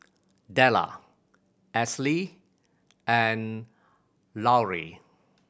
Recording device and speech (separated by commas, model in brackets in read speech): boundary microphone (BM630), read sentence